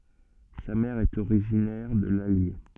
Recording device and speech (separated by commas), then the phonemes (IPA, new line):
soft in-ear microphone, read sentence
sa mɛʁ ɛt oʁiʒinɛʁ də lalje